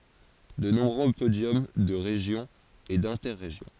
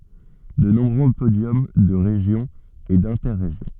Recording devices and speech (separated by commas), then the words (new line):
forehead accelerometer, soft in-ear microphone, read sentence
De nombreux podiums de Région et d'Inter-Régions.